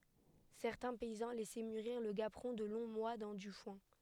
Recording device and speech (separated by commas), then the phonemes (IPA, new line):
headset microphone, read sentence
sɛʁtɛ̃ pɛizɑ̃ lɛsɛ myʁiʁ lə ɡapʁɔ̃ də lɔ̃ mwa dɑ̃ dy fwɛ̃